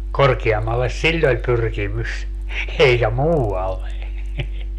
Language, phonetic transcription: Finnish, "korkiammalles "siĺl ‿oĺ 'pyrkimys , eikä "muu₍alle .
- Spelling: korkeammalle sillä oli pyrkimys eikä muualle

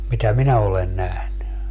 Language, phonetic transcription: Finnish, mitä "minä olen 'nähny .
- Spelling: mitä minä olen nähnyt

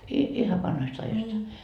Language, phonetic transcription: Finnish, i- , 'ihav 'vanhoist ajoist ?
- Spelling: - ihan vanhoista ajoista

